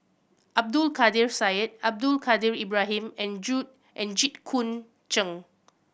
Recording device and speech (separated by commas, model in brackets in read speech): boundary microphone (BM630), read sentence